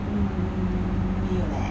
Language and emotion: Thai, frustrated